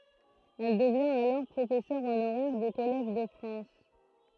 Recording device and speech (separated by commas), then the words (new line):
throat microphone, read sentence
Elle devient alors professeur honoraire du Collège de France.